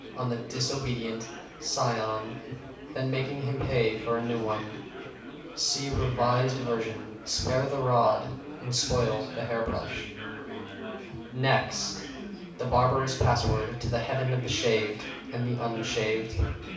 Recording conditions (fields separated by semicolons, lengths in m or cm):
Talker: one person; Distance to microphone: 5.8 m; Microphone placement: far; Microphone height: 1.8 m; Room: medium-sized (5.7 m by 4.0 m); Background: babble